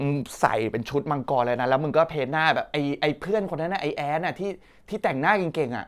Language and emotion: Thai, happy